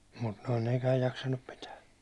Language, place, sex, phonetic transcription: Finnish, Hollola, male, mut noi 'nekääj jaksannup "pitää .
- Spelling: mutta nuo nekään jaksanut pitää

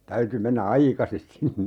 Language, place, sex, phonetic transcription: Finnish, Urjala, male, 'täyty 'mennä "aikasis 'sinne .
- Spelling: täytyi mennä aikaisin sinne

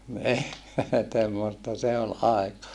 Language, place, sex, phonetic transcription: Finnish, Saarijärvi, male, ni , temmosta se ol aeka .
- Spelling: niin semmoista se oli aika

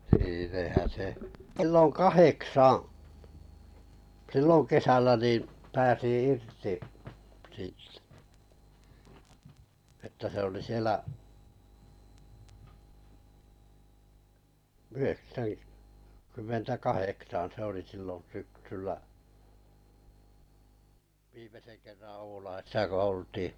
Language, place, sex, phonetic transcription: Finnish, Kalajoki, male, (sehä se) , kᵉllo "kaheksaa̰ , "sillon̬ kesällä nìḭ , pääsì "irti (sìtt-) , että se oli 'sielä’ , 'yheksäŋ- , kymmentä "kaheksan̬ se oli sillon̬ 'syksyllä , 'viimesen kerran̬ "Oulaisisa ko 'oltii .
- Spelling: sehän se kello kahdeksan silloin kesällä niin pääsi irti - että se oli siellä - yhdeksänkymmentäkahdeksan se oli silloin syksyllä viimeisen kerran Oulaisissa kun oltiin

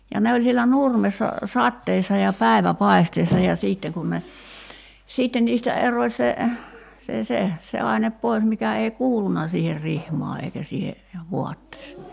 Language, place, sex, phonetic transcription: Finnish, Kerimäki, female, ja 'ne oĺ sielä "nurmessa , 'satteessa ja 'pä̀i̬vä'pai̬steessa ja 'siitte kun ne , 'siitten niistä 'eroⁱ se , se 'se , se 'ainep pois 'mikä ei "kuuluna siiher 'rihmaa eikä siihe , 'vuattes[en] .
- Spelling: ja ne oli siellä nurmessa sateessa ja päiväpaisteessa ja sitten kun ne sitten niistä erosi se se se se aine pois mikä ei kuulunut siihen rihmaan eikä siihen vaatteeseen

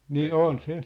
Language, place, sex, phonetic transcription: Finnish, Sippola, male, 'nii "on 'se .
- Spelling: niin on se

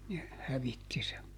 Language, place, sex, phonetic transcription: Finnish, Juupajoki, male, ne , ˈhävitti se .
- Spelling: ne hävitti sen

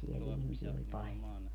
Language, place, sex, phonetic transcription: Finnish, Padasjoki, female, siel 'ihmisiɛ oĺ 'paĺjo .
- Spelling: siellä ihmisiä oli paljon

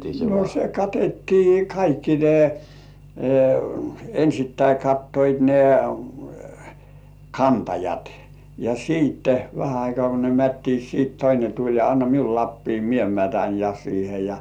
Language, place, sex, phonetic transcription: Finnish, Kurkijoki, male, no se 'katettii "kaikki 'ne , ensittäi 'kattoit ne , "kantajat , ja siitte , vähä aikŏ§à ko ne "mättiit 'siit "toine tuĺ ja » anna 'miul lappii "mie 'mätän ja siihe ja « .
- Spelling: no se katettiin kaikki ne ensin kattoivat ne kantajat ja sitten vähän aikaa kun ne mättivät sitten toinen tuli ja anna minulle lapio minä mätän ja siihen ja

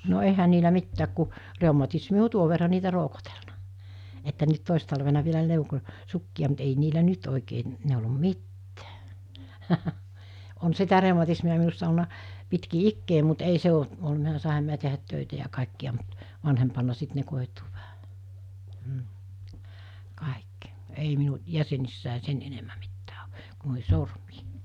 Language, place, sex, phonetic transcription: Finnish, Mikkeli, female, no 'ehä niilä 'mittääk ku , 'rèumatismi o 'tuo verra niitä 'roukotelna , että nyt 'tòis talvena vielä 'lèuko , 'sukki₍a mut ei niilä nyt òikee n- , nèulom "mittää , on sitä 'rèumatismi₍a minussa olna , pitki 'ikkee mut ei 'se o , ol[lut] (minä) 'sàeham minä tehät tö̀itä ja 'kàekki₍a mut , 'vanhempanna 'sit ne kòituu vähä , m̥ , 'kàekki , 'ei minu , 'jäsenissä̀e 'sen enemmä mittää o , ku nòihɪ 'sormii .
- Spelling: no eihän niillä mitään kun reumatismi on tuon verran niitä roukotellut että nyt toissa talvena vielä neuloin sukkia mutta ei niillä nyt oikein - neulo mitään on sitä reumatismia minussa ollut pitkin ikää mutta ei se ole ollut minä sainhan minä tehdä töitä ja kaikkia mutta vanhempana sitten ne koituu vähän mm kaikki ei minun jäsenissä sen enemmän mitään ole kuin noihin sormiin

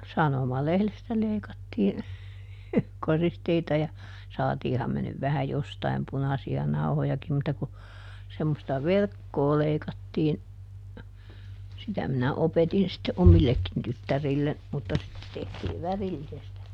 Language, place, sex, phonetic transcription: Finnish, Juupajoki, female, ˈsanomalehlestä ˈleikattiin , ˈkoristeita ja , ˈsaatiiham me nyv ˈvähä "jostaim ˈpunasi₍a "nauhojakim mutta ku , semmosta "verkkoo leikattiin , ˈsitä minä ˈopetin sitte "omillekkin ˈtyttärillen , mutta sitte ˈtehtiiv "värillisestä .
- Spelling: sanomalehdestä leikattiin koristeita ja saatiinhan me nyt vähän jostakin punaisia nauhojakin mutta kun semmoista verkkoa leikattiin sitä minä opetin sitten omillekin tyttärille mutta sitten tehtiin värillisestä

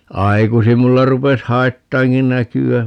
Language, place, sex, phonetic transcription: Finnish, Paavola, male, 'aikusim 'mulla rupes "haittaaŋki 'näky₍ä .
- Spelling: aikaisin minulla rupesi haittaamaankin näköä

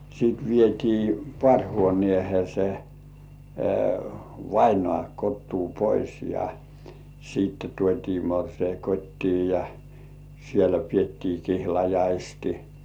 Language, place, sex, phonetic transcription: Finnish, Kurkijoki, male, sit 'vietii "pŏ§àŕhuonĭèhe se , "vainŏà kottuu 'pois ja , siitte 'tuot́ii morsei "kot́tii ja , sielä piettii kihlajaisti .
- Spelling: sitten vietiin paarihuoneeseen se vainaja kotoa pois ja sitten tuotiin morsian kotiin ja siellä pidettiin kihlajaiset

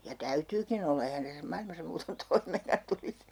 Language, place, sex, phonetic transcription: Finnish, Urjala, female, 'ja "täytyykin ‿olla 'ehän tässä 'mailmasa muuton 'toimeeŋkan tulis .
- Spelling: ja täytyykin olla eihän tässä maailmassa muuten toimeenkaan tulisi

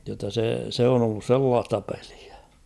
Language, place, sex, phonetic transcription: Finnish, Kauhava, male, jotta se , 'se on ‿ollus "sellaasta peʟɪᴀ̈ .
- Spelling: jotta se se on ollut sellaista peliä

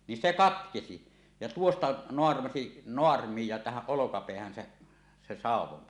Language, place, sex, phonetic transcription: Finnish, Suomussalmi, male, nin 'se "katkesi , ja 'tuosta "noarmasi 'noarmij ja tähäˀ 'ˀolokapeähän se , se "sàuw̆won .
- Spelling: niin se katkesi ja tuosta naarmaisi naarmun ja tähän olkapäähän se se sauvoin

